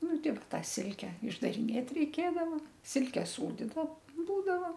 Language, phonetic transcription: Lithuanian, ˈnu ˈtik ˈta ˈsilke išdariˈnėt reiˈkėdavo ˈsilke ˈsūdyda ˈbūdava

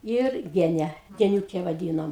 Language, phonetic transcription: Lithuanian, ˈir ˈgene geniūˈke vaˈdynom

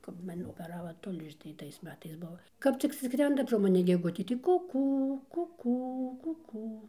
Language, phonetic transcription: Lithuanian, kap ˈman opeˈrava ˈtulžį tai ˈtais ˈmetais ˈbuvo ˈkap cik ˈskrenda pro maˈni geˈgutė tai ˈkukū ˈkukū ˈkukū

